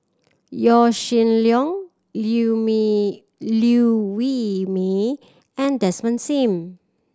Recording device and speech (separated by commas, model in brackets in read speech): standing microphone (AKG C214), read sentence